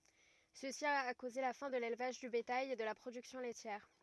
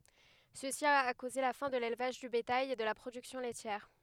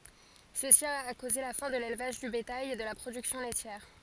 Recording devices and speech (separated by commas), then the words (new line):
rigid in-ear microphone, headset microphone, forehead accelerometer, read sentence
Ceci a causé la fin de l’élevage du bétail et de la production laitière.